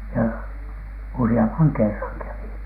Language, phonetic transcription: Finnish, ja 'usi₍amphaŋ "kerraŋ kävi .
- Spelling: ja useamman kerran kävi

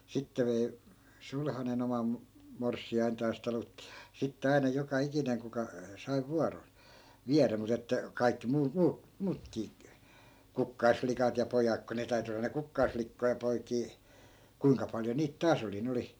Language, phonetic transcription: Finnish, 'sitte vei , 'sulhanen ‿omam , 'morssi₍aintaas taluttI ja 'sitte 'ai̮na 'joka 'ikineŋ kuka , sai̮ "vuaron̬ , "viärä mut ‿että , 'kaikki muu- , 'muu- , 'muutkii , "kukkaisflikat ja 'pojak ko 'ne täy̬ty olla ne 'kukkaisflikkoi ja poikii , 'kuiŋka paljo 'niit "taas ‿oli 'nᵉ oli ,.
- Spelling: sitten vei sulhanen oman morsiantaan talutti ja sitten aina joka ikinen kuka sai vuoron viedä mutta että kaikki - - muutkin kukkaslikat ja pojat kun ne täytyi olla ne kukkaslikkoja ja poikia kuinka paljon niitä taas oli ne oli

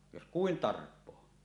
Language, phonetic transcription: Finnish, jos 'kuin "tarp̆poo .
- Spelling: jos kuinka tarpoo

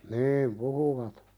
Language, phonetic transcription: Finnish, niim "puhuvat .
- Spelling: niin puhuivat

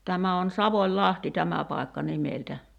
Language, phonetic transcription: Finnish, 'tämä on̳§ "Savoĺ'ĺahti 'tämä pài̬kka 'nimeltä .
- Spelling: tämä on Savonlahti tämä paikka nimeltä

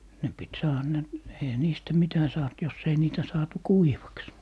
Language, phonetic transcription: Finnish, 'ne pit "saaha ne , 'eihä 'niistä 'mitä saat jos ‿ei 'niitä saatu "kuivaks .
- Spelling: ne piti saada ne eihän niistä mitä saatu jos ei niitä saatu kuivaksi

